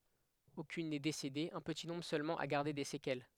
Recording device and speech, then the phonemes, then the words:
headset microphone, read sentence
okyn nɛ desede œ̃ pəti nɔ̃bʁ sølmɑ̃ a ɡaʁde de sekɛl
Aucune n'est décédée, un petit nombre seulement a gardé des séquelles.

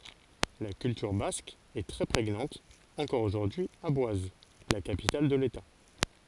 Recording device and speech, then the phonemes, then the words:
forehead accelerometer, read sentence
la kyltyʁ bask ɛ tʁɛ pʁeɲɑ̃t ɑ̃kɔʁ oʒuʁdyi a bwaz la kapital də leta
La culture basque est très prégnante encore aujourd’hui à Boise, la capitale de l’État.

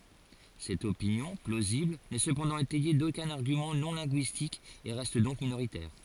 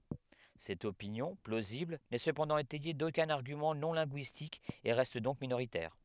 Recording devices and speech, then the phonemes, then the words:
forehead accelerometer, headset microphone, read sentence
sɛt opinjɔ̃ plozibl nɛ səpɑ̃dɑ̃ etɛje dokœ̃n aʁɡymɑ̃ nɔ̃ lɛ̃ɡyistik e ʁɛst dɔ̃k minoʁitɛʁ
Cette opinion, plausible, n'est cependant étayée d'aucun argument non linguistique et reste donc minoritaire.

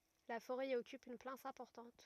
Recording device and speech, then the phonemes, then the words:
rigid in-ear microphone, read sentence
la foʁɛ i ɔkyp yn plas ɛ̃pɔʁtɑ̃t
La forêt y occupe une place importante.

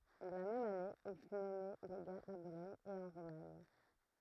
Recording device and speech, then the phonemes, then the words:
throat microphone, read sentence
la mɛm ane il fy nɔme leɡa a bolɔɲ e ɑ̃ ʁomaɲ
La même année, il fut nommé légat à Bologne et en Romagne.

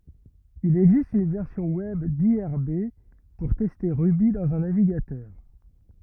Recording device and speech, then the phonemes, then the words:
rigid in-ear microphone, read sentence
il ɛɡzist yn vɛʁsjɔ̃ wɛb diʁb puʁ tɛste ʁuby dɑ̃z œ̃ naviɡatœʁ
Il existe une version web d'irb pour tester Ruby dans un navigateur.

